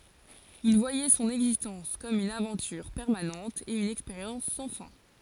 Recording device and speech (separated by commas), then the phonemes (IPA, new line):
forehead accelerometer, read sentence
il vwajɛ sɔ̃n ɛɡzistɑ̃s kɔm yn avɑ̃tyʁ pɛʁmanɑ̃t e yn ɛkspeʁjɑ̃s sɑ̃ fɛ̃